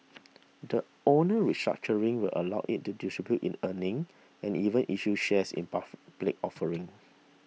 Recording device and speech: mobile phone (iPhone 6), read sentence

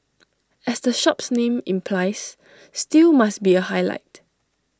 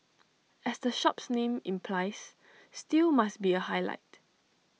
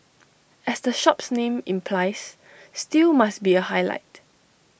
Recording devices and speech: standing microphone (AKG C214), mobile phone (iPhone 6), boundary microphone (BM630), read sentence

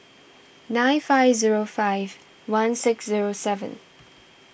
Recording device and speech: boundary microphone (BM630), read sentence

